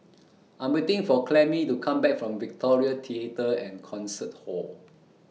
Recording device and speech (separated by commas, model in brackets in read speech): mobile phone (iPhone 6), read sentence